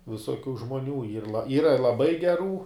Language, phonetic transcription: Lithuanian, visoˈkių žmoˈnių yr la ˈyra laˈbai geˈrų

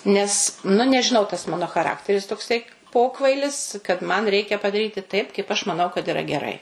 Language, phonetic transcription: Lithuanian, nes nu nežiˈnau tas ˈmano chaˈrakteris tokˈsai ˈpokvailis kad man ˈreikia padaˈryti taip kaip aš maˈnau kad iˈra geˈrai

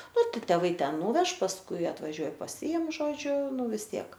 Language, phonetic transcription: Lithuanian, ˈnu ˈtik teˈvai ˈten ˈnūveš pasˈkui atvaˈžiuoj paˈsiim ˈžodžiu ˈnu vis ˈtiek

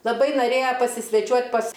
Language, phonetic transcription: Lithuanian, laˈbai noˈrėja pasisveˈčiuot' pas

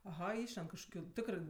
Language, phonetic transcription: Lithuanian, aˈha ˈišlend kažkoˈkių ˈtikrɜ

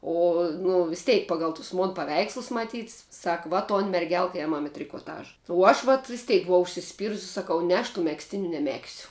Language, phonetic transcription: Lithuanian, ˈo nu vis ˈteik ˈpagal tus mon paˈveikslus maˈtyt sak va ton merˈgelk ˈėmam i trikoˈtaža uo ˈaš vat visˈteik buˈvau užsisˈpyrusi saˈkau ˈne aš tų megzˈtiniu neˈmegsiu

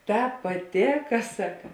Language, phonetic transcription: Lithuanian, ˈtāp paˈtėka ˈsaka

